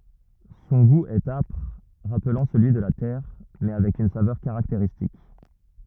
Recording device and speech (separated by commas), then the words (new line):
rigid in-ear microphone, read sentence
Son goût est âpre, rappelant celui de la terre, mais avec une saveur caractéristique.